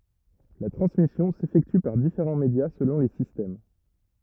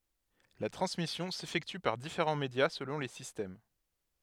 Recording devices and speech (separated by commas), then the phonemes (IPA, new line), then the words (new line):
rigid in-ear microphone, headset microphone, read sentence
la tʁɑ̃smisjɔ̃ sefɛkty paʁ difeʁɑ̃ medja səlɔ̃ le sistɛm
La transmission s'effectue par différents médias selon les systèmes.